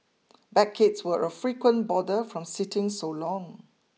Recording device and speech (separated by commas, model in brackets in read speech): mobile phone (iPhone 6), read sentence